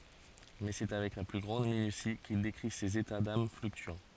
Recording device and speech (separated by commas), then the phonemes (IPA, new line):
forehead accelerometer, read sentence
mɛ sɛ avɛk la ply ɡʁɑ̃d minysi kil dekʁi sez eta dam flyktyɑ̃